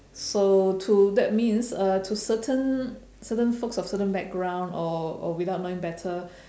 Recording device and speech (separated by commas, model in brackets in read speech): standing microphone, conversation in separate rooms